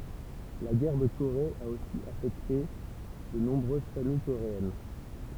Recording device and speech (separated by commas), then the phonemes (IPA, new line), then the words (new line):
temple vibration pickup, read sentence
la ɡɛʁ də koʁe a osi afɛkte də nɔ̃bʁøz famij koʁeɛn
La guerre de Corée a aussi affecté de nombreuses familles coréennes.